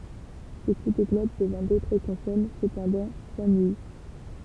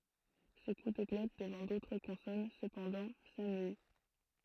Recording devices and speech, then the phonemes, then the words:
temple vibration pickup, throat microphone, read sentence
sə ku də ɡlɔt dəvɑ̃ dotʁ kɔ̃sɔn səpɑ̃dɑ̃ samyi
Ce coup de glotte devant d'autres consonnes, cependant, s'amuït.

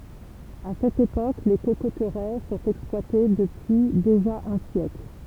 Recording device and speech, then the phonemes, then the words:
temple vibration pickup, read sentence
a sɛt epok le kokotʁɛ sɔ̃t ɛksplwate dəpyi deʒa œ̃ sjɛkl
À cette époque, les cocoteraies sont exploitées depuis déjà un siècle.

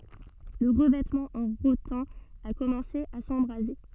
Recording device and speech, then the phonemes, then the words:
soft in-ear microphone, read sentence
lə ʁəvɛtmɑ̃ ɑ̃ ʁotɛ̃ a kɔmɑ̃se a sɑ̃bʁaze
Le revêtement en rotin a commencé à s'embraser.

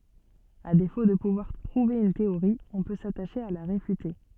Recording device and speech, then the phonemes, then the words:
soft in-ear microphone, read sentence
a defo də puvwaʁ pʁuve yn teoʁi ɔ̃ pø sataʃe a la ʁefyte
À défaut de pouvoir prouver une théorie, on peut s'attacher à la réfuter.

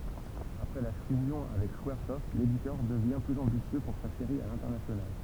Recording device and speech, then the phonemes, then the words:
temple vibration pickup, read sentence
apʁɛ la fyzjɔ̃ avɛk skwaʁsɔft leditœʁ dəvjɛ̃ plyz ɑ̃bisjø puʁ sa seʁi a lɛ̃tɛʁnasjonal
Après la fusion avec Squaresoft, l'éditeur devient plus ambitieux pour sa série à l'international.

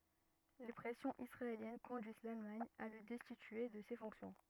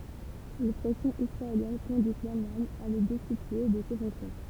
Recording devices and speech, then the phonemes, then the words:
rigid in-ear microphone, temple vibration pickup, read sentence
le pʁɛsjɔ̃z isʁaeljɛn kɔ̃dyiz lalmaɲ a lə dɛstitye də se fɔ̃ksjɔ̃
Les pressions israéliennes conduisent l'Allemagne à le destituer de ses fonctions.

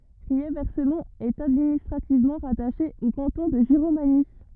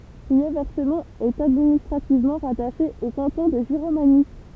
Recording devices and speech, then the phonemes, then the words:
rigid in-ear microphone, temple vibration pickup, read sentence
ʁiɛʁvɛsmɔ̃t ɛt administʁativmɑ̃ ʁataʃe o kɑ̃tɔ̃ də ʒiʁomaɲi
Riervescemont est administrativement rattachée au canton de Giromagny.

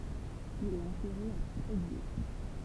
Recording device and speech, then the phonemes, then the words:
temple vibration pickup, read sentence
il ɛt ɑ̃tɛʁe a tʁeɡje
Il est enterré à Tréguier.

